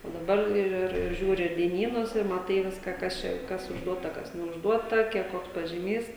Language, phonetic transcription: Lithuanian, o daˈbar ir ir ˈžiūri dieˈnynus ir maˈtai ˈviska ˈkas čia ˈkas užˈduota ˈkas neužˈduota ˈkiek ˈkoks pažyˈmys

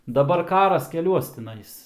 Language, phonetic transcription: Lithuanian, daˈbar ˈkaras keˈliuos tiˈnais

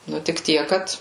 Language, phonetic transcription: Lithuanian, ˈnu tik ˈtiek ˈkad

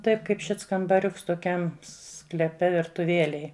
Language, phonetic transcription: Lithuanian, taip kaip šits kambaˈriuks toˈkiam skleˈpe virtuˈvielej

